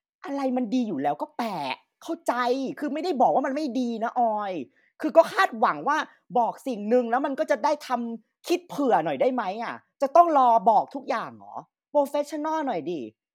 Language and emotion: Thai, frustrated